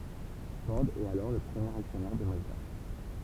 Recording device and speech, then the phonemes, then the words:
temple vibration pickup, read sentence
fɔʁ ɛt alɔʁ lə pʁəmjeʁ aksjɔnɛʁ də mazda
Ford est alors le premier actionnaire de Mazda.

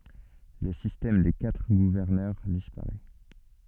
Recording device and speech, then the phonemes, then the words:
soft in-ear microphone, read sentence
lə sistɛm de katʁ ɡuvɛʁnœʁ dispaʁɛ
Le système des quatre gouverneurs disparaît.

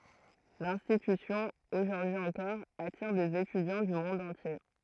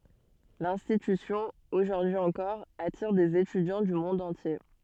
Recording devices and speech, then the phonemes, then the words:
throat microphone, soft in-ear microphone, read sentence
lɛ̃stitysjɔ̃ oʒuʁdyi ɑ̃kɔʁ atiʁ dez etydjɑ̃ dy mɔ̃d ɑ̃tje
L'institution, aujourd’hui encore, attire des étudiants du monde entier.

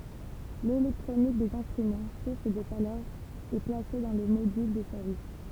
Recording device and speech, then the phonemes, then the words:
temple vibration pickup, read sentence
lelɛktʁonik dez ɛ̃stʁymɑ̃ suʁs də ʃalœʁ ɛ plase dɑ̃ lə modyl də sɛʁvis
L'électronique des instruments, source de chaleur, est placée dans le module de service.

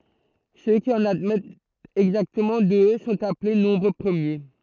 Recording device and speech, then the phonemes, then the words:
throat microphone, read sentence
sø ki ɑ̃n admɛtt ɛɡzaktəmɑ̃ dø sɔ̃t aple nɔ̃bʁ pʁəmje
Ceux qui en admettent exactement deux sont appelés nombres premiers.

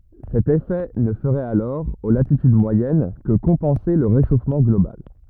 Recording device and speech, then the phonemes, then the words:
rigid in-ear microphone, read sentence
sɛt efɛ nə fəʁɛt alɔʁ o latityd mwajɛn kə kɔ̃pɑ̃se lə ʁeʃofmɑ̃ ɡlobal
Cet effet ne ferait alors, aux latitudes moyennes, que compenser le réchauffement global.

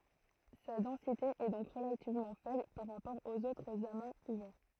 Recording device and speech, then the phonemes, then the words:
throat microphone, read sentence
sa dɑ̃site ɛ dɔ̃k ʁəlativmɑ̃ fɛbl paʁ ʁapɔʁ oz otʁz amaz uvɛʁ
Sa densité est donc relativement faible par rapport aux autres amas ouverts.

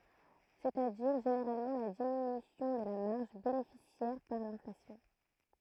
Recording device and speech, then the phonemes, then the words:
throat microphone, read sentence
sɛt a diʁ ʒeneʁalmɑ̃ la diminysjɔ̃ də la maʁʒ benefisjɛʁ paʁ lɛ̃flasjɔ̃
C'est-à-dire, généralement la diminution de la marge bénéficiaire par l'inflation.

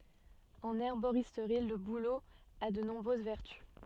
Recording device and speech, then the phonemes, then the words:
soft in-ear microphone, read sentence
ɑ̃n ɛʁboʁistʁi lə bulo a də nɔ̃bʁøz vɛʁty
En herboristerie, le bouleau a de nombreuses vertus.

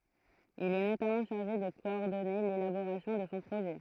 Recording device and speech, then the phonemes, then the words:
throat microphone, read sentence
il ɛ notamɑ̃ ʃaʁʒe də kɔɔʁdɔne lelaboʁasjɔ̃ də sɔ̃ pʁoʒɛ
Il est notamment chargé de coordonner l'élaboration de son projet.

